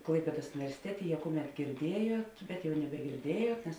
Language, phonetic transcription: Lithuanian, ˈklaipėdos universiˈtetė je ˈkuˌmet girˈdiejuot ˈbet jau nebegirˈdiejuot nes

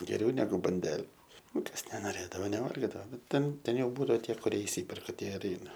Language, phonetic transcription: Lithuanian, geˈriau neˈgu banˈdele ˈnu ˈkas nenoˈrėdavo neˈvalgidavo ˈnu ˈten ˈten ˈjau ˈbūdavo ˈtie kuˈrie išˈsyperka ˈtie ir ˈeina

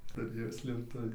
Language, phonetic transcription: Lithuanian, tuˈrėjo slėpˈtuvį

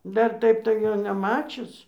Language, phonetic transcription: Lithuanian, ˈdar ˈtaip tai ˈjo neˈmačius

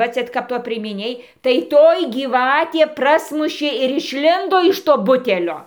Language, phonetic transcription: Lithuanian, ˈva ˈcia kap ˈtoj priemiˈnėj tai ˈtoj gyˈvatė ˈprasmušė ir išˈlindo iš ˈto ˈbutelio

